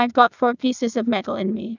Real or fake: fake